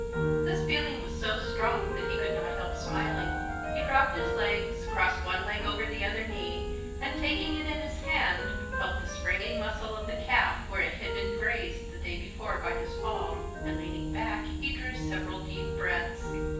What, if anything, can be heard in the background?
Music.